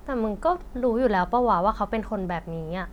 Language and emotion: Thai, frustrated